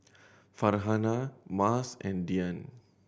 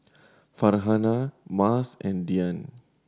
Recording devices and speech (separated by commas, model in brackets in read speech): boundary microphone (BM630), standing microphone (AKG C214), read sentence